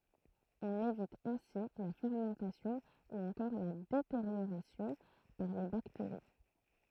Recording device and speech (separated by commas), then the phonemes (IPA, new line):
throat microphone, read sentence
ɔ̃n evit ɛ̃si la fɛʁmɑ̃tasjɔ̃ u ɑ̃kɔʁ la deteʁjoʁasjɔ̃ paʁ le bakteʁi